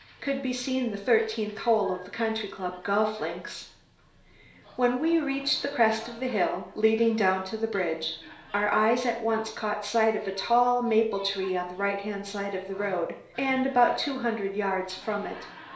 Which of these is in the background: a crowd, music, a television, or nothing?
A television.